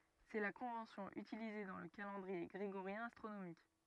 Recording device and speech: rigid in-ear microphone, read sentence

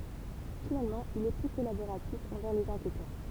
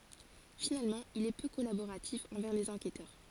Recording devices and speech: temple vibration pickup, forehead accelerometer, read sentence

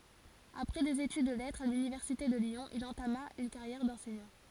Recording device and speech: forehead accelerometer, read sentence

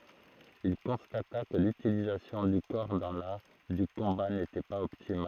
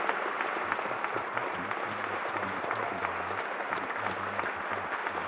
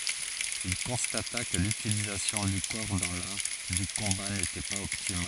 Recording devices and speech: throat microphone, rigid in-ear microphone, forehead accelerometer, read sentence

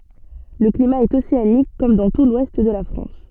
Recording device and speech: soft in-ear microphone, read sentence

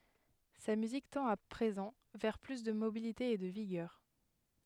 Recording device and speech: headset microphone, read sentence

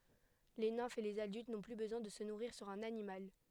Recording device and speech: headset microphone, read sentence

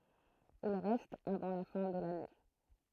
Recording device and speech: throat microphone, read sentence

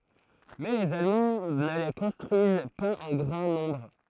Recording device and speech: throat microphone, read sentence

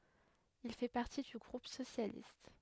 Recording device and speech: headset microphone, read sentence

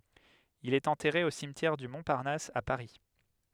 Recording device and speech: headset microphone, read sentence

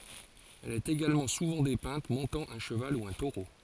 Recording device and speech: forehead accelerometer, read sentence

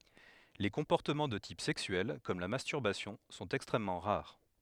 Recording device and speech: headset microphone, read sentence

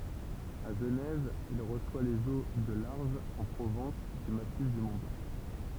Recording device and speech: temple vibration pickup, read sentence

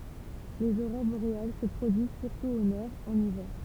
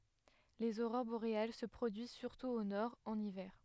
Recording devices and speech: temple vibration pickup, headset microphone, read sentence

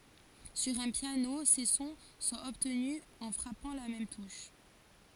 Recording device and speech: forehead accelerometer, read sentence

